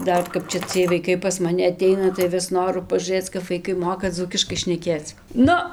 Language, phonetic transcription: Lithuanian, ˈdar ˈkap čia ˈciej vaiˈkai pas maˈni aˈteina tai ˈvis ˈnoru pažūˈrɘc kap vaiˈkai ˈmoka ˈdzūkiškai šneˈkėc ˈnu

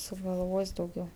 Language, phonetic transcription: Lithuanian, sugalˈvos' dauˈgiau

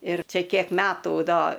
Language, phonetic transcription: Lithuanian, ir ˈčia ˈkiek ˈmetų ˈdo

